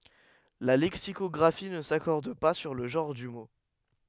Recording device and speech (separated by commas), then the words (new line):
headset microphone, read sentence
La lexicographie ne s’accorde pas sur le genre du mot.